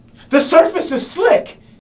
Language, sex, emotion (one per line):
English
male
fearful